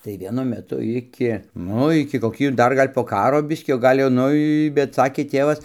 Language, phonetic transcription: Lithuanian, tai vieˈnu meˈtu ˈiki ˈnu iki koˈkį ˈdar ˈgal' po ˈkaro ˈbiskį o ˈgal' jau ˈnu i bet ˈsakė ˈtėvas

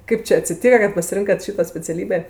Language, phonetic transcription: Lithuanian, ˈkaip či atsiˈtyka kad pasiˈrinkat ˈšyto speciaˈlybė

